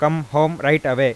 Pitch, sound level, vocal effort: 150 Hz, 94 dB SPL, loud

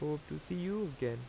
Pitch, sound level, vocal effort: 150 Hz, 84 dB SPL, normal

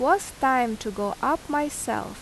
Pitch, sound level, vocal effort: 265 Hz, 84 dB SPL, loud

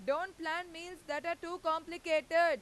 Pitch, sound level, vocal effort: 330 Hz, 101 dB SPL, very loud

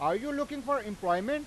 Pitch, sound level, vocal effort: 285 Hz, 99 dB SPL, very loud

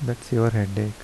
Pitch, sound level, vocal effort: 115 Hz, 77 dB SPL, soft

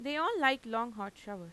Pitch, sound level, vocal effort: 230 Hz, 92 dB SPL, normal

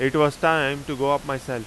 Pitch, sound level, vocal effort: 140 Hz, 95 dB SPL, very loud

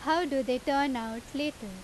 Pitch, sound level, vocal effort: 270 Hz, 88 dB SPL, loud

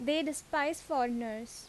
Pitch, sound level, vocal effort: 285 Hz, 84 dB SPL, loud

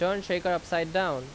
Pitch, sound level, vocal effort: 180 Hz, 91 dB SPL, very loud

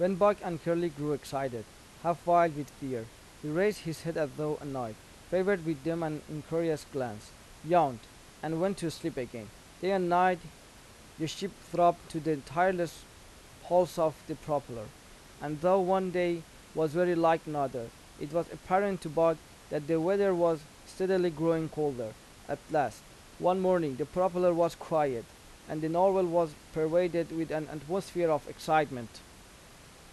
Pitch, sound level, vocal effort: 165 Hz, 88 dB SPL, normal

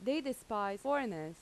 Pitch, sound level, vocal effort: 220 Hz, 87 dB SPL, loud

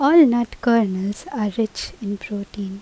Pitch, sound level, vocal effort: 215 Hz, 81 dB SPL, normal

